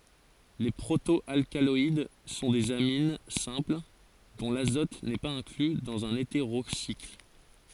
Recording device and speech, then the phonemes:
forehead accelerometer, read sentence
le pʁoto alkalɔid sɔ̃ dez amin sɛ̃pl dɔ̃ lazɔt nɛ paz ɛ̃kly dɑ̃z œ̃n eteʁosikl

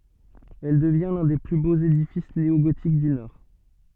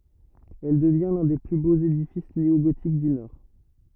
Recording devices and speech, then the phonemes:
soft in-ear microphone, rigid in-ear microphone, read sentence
ɛl dəvjɛ̃ lœ̃ de ply boz edifis neoɡotik dy nɔʁ

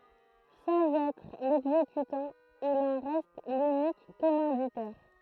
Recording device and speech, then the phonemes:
throat microphone, read sentence
sɑ̃z ɛtʁ lɛɡzekytɑ̃ il ɑ̃ ʁɛst lynik kɔmɑ̃ditɛʁ

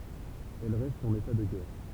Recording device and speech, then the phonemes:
temple vibration pickup, read sentence
ɛl ʁɛst ɑ̃n eta də ɡɛʁ

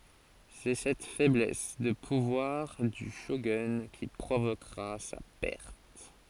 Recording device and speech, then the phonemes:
forehead accelerometer, read sentence
sɛ sɛt fɛblɛs də puvwaʁ dy ʃoɡœ̃ ki pʁovokʁa sa pɛʁt

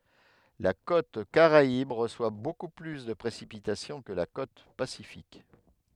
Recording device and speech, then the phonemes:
headset microphone, read sentence
la kot kaʁaib ʁəswa boku ply də pʁesipitasjɔ̃ kə la kot pasifik

